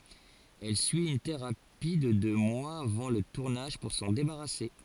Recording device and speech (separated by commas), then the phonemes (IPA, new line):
forehead accelerometer, read sentence
ɛl syi yn teʁapi də dø mwaz avɑ̃ lə tuʁnaʒ puʁ sɑ̃ debaʁase